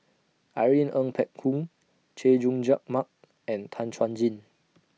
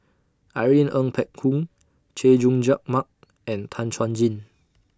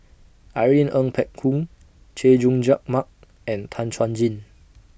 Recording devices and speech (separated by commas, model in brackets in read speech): mobile phone (iPhone 6), standing microphone (AKG C214), boundary microphone (BM630), read sentence